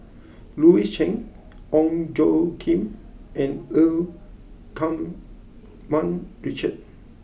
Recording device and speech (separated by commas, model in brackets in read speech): boundary microphone (BM630), read sentence